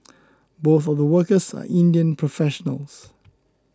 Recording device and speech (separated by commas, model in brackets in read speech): close-talking microphone (WH20), read sentence